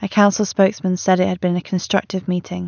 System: none